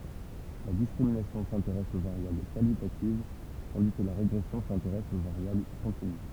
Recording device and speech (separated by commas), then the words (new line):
temple vibration pickup, read sentence
La discrimination s’intéresse aux variables qualitatives, tandis que la régression s’intéresse aux variables continues.